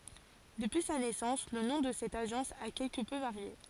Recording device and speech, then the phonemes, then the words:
forehead accelerometer, read sentence
dəpyi sa nɛsɑ̃s lə nɔ̃ də sɛt aʒɑ̃s a kɛlkə pø vaʁje
Depuis sa naissance le nom de cette agence a quelque peu varié.

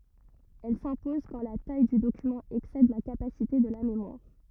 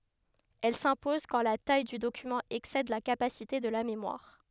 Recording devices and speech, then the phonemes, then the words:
rigid in-ear microphone, headset microphone, read sentence
ɛl sɛ̃pɔz kɑ̃ la taj dy dokymɑ̃ ɛksɛd la kapasite də la memwaʁ
Elle s'impose quand la taille du document excède la capacité de la mémoire.

